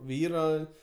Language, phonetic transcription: Lithuanian, ˈvyro

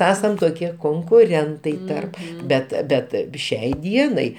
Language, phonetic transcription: Lithuanian, ˈesam toˈkie konkuˈrentai ˈtarp ˈbet ˈbet ˈšiai ˈdienai

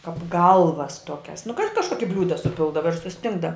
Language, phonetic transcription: Lithuanian, kap ˈgalvas ˈtuokias nu ka kažˈkoki ˈbliūda suˈpildava ir suˈstingda

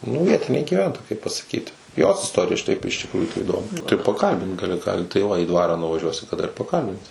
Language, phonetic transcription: Lithuanian, nu ˈvietinė gyˈventoja kaip pasaˈkyti ˈjos isˈtorija šiˈtaip iš tikˈrųjų tai įˈdomi tai paˈkalbint gaˈli ˈką tai ˈva į ˈdvarą nuvaˈžiuosi kaˈda ir paˈkalbinsi

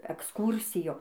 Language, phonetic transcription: Lithuanian, eksˈkūrsijo

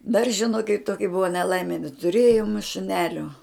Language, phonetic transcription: Lithuanian, dar žiˈnokit ˈtoki ˈbuva neˈlaimi netuˈrėjom šuˈnelio

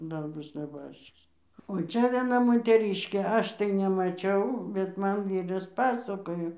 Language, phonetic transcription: Lithuanian, ˈdar ˈbus neˈbaščis o ˈčia vieˈna moteˈryškė ˈaš tai nemaˈčiau bet ˈman ˈvyras ˈpasakojo

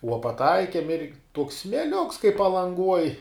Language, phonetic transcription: Lithuanian, uo paˈtaikiem ir tuoks smėˈliuks kai palanˈguoj

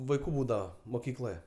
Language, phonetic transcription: Lithuanian, vaiˈkų ˈbūdava moˈkykloje

